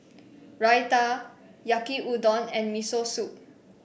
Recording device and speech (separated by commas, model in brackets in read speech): boundary microphone (BM630), read sentence